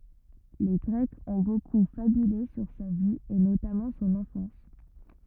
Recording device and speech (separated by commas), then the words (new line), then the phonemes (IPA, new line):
rigid in-ear microphone, read sentence
Les Grecs ont beaucoup fabulé sur sa vie et notamment son enfance.
le ɡʁɛkz ɔ̃ boku fabyle syʁ sa vi e notamɑ̃ sɔ̃n ɑ̃fɑ̃s